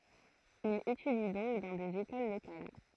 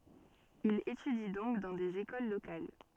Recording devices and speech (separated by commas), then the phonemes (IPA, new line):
throat microphone, soft in-ear microphone, read sentence
il etydi dɔ̃k dɑ̃ dez ekol lokal